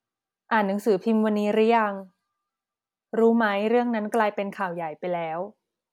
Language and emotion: Thai, neutral